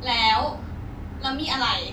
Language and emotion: Thai, frustrated